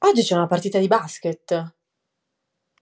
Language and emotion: Italian, surprised